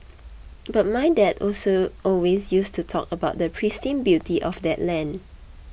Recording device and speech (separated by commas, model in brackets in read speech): boundary microphone (BM630), read sentence